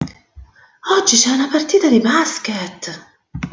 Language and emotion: Italian, surprised